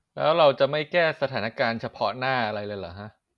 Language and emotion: Thai, frustrated